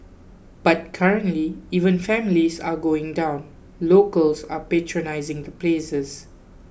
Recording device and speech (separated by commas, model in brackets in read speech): boundary microphone (BM630), read sentence